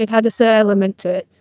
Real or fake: fake